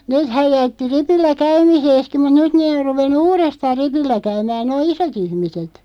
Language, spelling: Finnish, nehän jätti ripillä käymisensäkin mutta nyt ne on ruvennut uudestaan ripillä käymään nuo isot ihmiset
- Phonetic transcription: 'neethäj 'jätti 'ripillä "käymiseeski mut "nyt nee or 'ruvennu "uurestaaʳ "ripillä 'käymää 'noo "iso't ‿ihmiset .

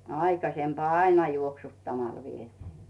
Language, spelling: Finnish, aikaisemmin aina juoksuttamalla vietiin
- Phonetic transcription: 'aikasempᵒà "aina 'juoksuttamal vietɪɪ .

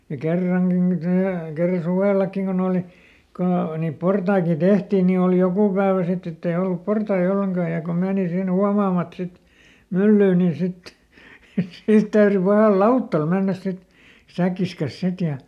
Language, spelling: Finnish, ja kerrankin niin - kerran suvellakin kun oli kun - niin portaitakin tehtiin niin oli joku päivä sitten että ei ollut portaita ollenkaan ja kun meni sinne huomaamatta sitten myllyyn niin sitten niin siitä täytyi pahalla lautalla mennä sitten säkkinsä kanssa sitten ja
- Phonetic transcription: ja "kerraŋGi nin tää- , ˈkerra "suvèlakkiŋ kon ‿ooli , kon ‿o- , niip ˈportaikin̬ "Dehtiin nii òli ˈjokù päävä ˈsitt ‿ett ‿ei ˈollup "portai ˈolleŋkaa ja ko ˈmeeni ˈsin ˈhuamaamat sit , "myllyy niin̬ sit , nii ˈsiit täyry pahàl "lauttal ˈmennäs ˈsit , ˈsäkkis kas ˈsit ja ,.

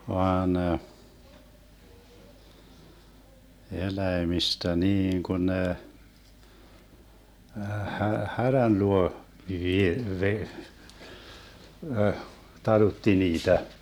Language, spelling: Finnish, vaan eläimistä niin kun ne - härän luo - - - talutti niitä
- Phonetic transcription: 'vaan , 'eläemistä 'niiŋ kun ne , hähä- "härän 'luo , 'vie- , 've- , əh , 'talutti 'niitä .

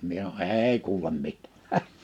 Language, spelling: Finnish, minä sanon ei kuule - häh
- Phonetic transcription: 'mie (sano) » "èi 'kuulem "mit- « , häh !

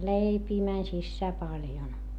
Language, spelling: Finnish, leipiä meni sisään paljon
- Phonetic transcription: leipii mäń sissää paljon .

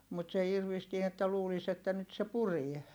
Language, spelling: Finnish, mutta se irvistää että luulisi että nyt se puree
- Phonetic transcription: mut se irvistie että luulis ‿että nyt se purie .

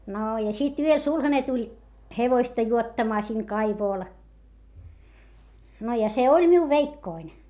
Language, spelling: Finnish, no ja sitten yöllä sulhanen tuli hevosta juottamaan siihen kaivolle no ja se oli minun veikkoni
- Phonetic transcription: noo ja sit ‿yöl sulhane tuĺ , hevoista juottamaa siŋ kaivòl , no ja se oĺ miu veikkoin .

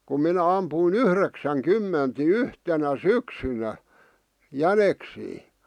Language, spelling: Finnish, kun minä ammuin - yhdeksänkymmentä niin yhtenä syksynä jäniksiä
- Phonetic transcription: kum 'minä ampùⁱ"n ‿yhreksäŋ 'kymment ni "yhtenä "syksynä , "jäneksii .

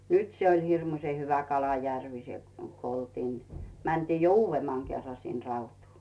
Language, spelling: Finnish, nyt se oli hirmuisen hyvä kalajärvi se kun oltiin mentiin jo uudemman kerran sinne Rautuun
- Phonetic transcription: nyt se oĺ 'hirmuⁱs͕e hyvä 'kalajärvi se , ko oltiin , 'mäntii jo "uuvvemmaŋ 'kerra sin 'Rautuu .

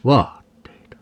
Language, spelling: Finnish, vaatteita
- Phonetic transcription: "vaatteita .

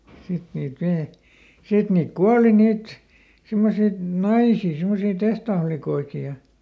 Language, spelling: Finnish, sitten niitä - sitten niitä kuoli niitä semmoisia naisia semmoisia tehtaanlikkoja ja
- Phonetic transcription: ˈsit niit (vi-) , ˈsit niik "kuali ˈniit , ˈsimmosit "naisii , simmosii ˈtehtaaflikoiki ja ,.

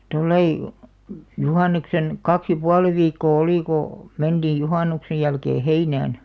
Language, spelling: Finnish, tuolla lailla juhannuksen kaksi ja puoli viikkoa oli kun mentiin juhannuksen jälkeen heinään
- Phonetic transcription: 'tollai , 'juhàn̆neksen , "kaks ja "pualⁱ 'viikkoo "olì ko , 'menᴅiij 'juhànuksej jälkee "heinään .

